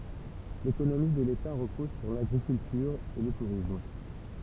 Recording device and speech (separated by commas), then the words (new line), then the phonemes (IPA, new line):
temple vibration pickup, read sentence
L'économie de l'État repose sur l'agriculture et le tourisme.
lekonomi də leta ʁəpɔz syʁ laɡʁikyltyʁ e lə tuʁism